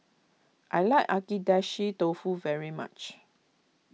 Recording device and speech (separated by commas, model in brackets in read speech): mobile phone (iPhone 6), read sentence